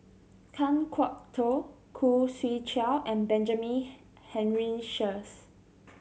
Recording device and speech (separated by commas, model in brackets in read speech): mobile phone (Samsung C7100), read sentence